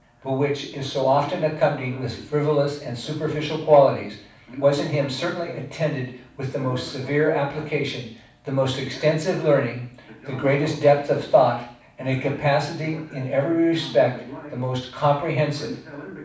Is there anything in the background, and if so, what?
A television.